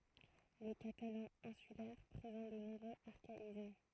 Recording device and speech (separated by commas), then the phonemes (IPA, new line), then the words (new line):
throat microphone, read sentence
lə katalɑ̃ ɛ̃sylɛʁ pʁezɑ̃t də nɔ̃bʁøz aʁkaism
Le catalan insulaire présente de nombreux archaïsmes.